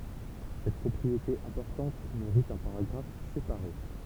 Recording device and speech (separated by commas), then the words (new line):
temple vibration pickup, read sentence
Cette propriété importante mérite un paragraphe séparé.